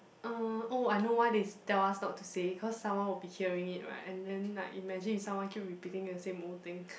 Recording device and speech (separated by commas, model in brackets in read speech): boundary microphone, conversation in the same room